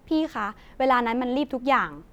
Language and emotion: Thai, frustrated